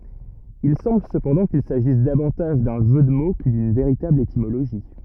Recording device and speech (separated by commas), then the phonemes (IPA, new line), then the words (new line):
rigid in-ear microphone, read sentence
il sɑ̃bl səpɑ̃dɑ̃ kil saʒis davɑ̃taʒ dœ̃ ʒø də mo kə dyn veʁitabl etimoloʒi
Il semble cependant qu'il s'agisse davantage d'un jeu de mots que d'une véritable étymologie.